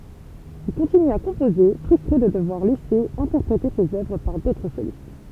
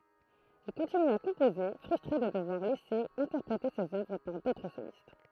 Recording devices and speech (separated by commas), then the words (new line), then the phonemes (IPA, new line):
temple vibration pickup, throat microphone, read sentence
Il continue à composer, frustré de devoir laisser interpréter ses œuvres par d'autres solistes.
il kɔ̃tiny a kɔ̃poze fʁystʁe də dəvwaʁ lɛse ɛ̃tɛʁpʁete sez œvʁ paʁ dotʁ solist